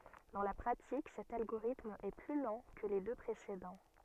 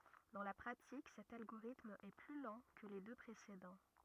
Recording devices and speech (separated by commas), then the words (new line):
soft in-ear microphone, rigid in-ear microphone, read sentence
Dans la pratique, cet algorithme est plus lent que les deux précédents.